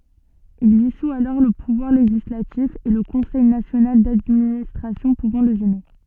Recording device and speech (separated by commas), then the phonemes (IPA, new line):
soft in-ear microphone, read sentence
il disu alɔʁ lə puvwaʁ leʒislatif e lə kɔ̃sɛj nasjonal dadministʁasjɔ̃ puvɑ̃ lə ʒɛne